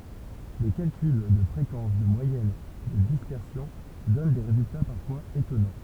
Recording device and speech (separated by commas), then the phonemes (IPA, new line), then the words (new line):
temple vibration pickup, read sentence
le kalkyl də fʁekɑ̃s də mwajɛn də dispɛʁsjɔ̃ dɔn de ʁezylta paʁfwaz etɔnɑ̃
Les calculs de fréquences, de moyenne, de dispersion donnent des résultats parfois étonnants.